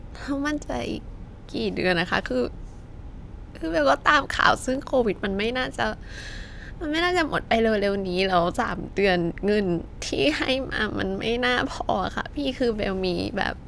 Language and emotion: Thai, sad